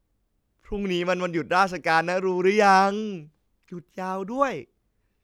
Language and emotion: Thai, happy